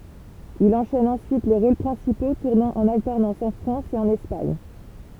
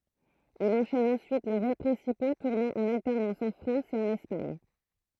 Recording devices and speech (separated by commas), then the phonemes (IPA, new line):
temple vibration pickup, throat microphone, read sentence
il ɑ̃ʃɛn ɑ̃syit le ʁol pʁɛ̃sipo tuʁnɑ̃ ɑ̃n altɛʁnɑ̃s ɑ̃ fʁɑ̃s e ɑ̃n ɛspaɲ